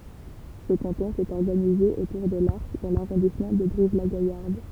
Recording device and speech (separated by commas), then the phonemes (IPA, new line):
temple vibration pickup, read sentence
sə kɑ̃tɔ̃ etɛt ɔʁɡanize otuʁ də laʁʃ dɑ̃ laʁɔ̃dismɑ̃ də bʁivlaɡajaʁd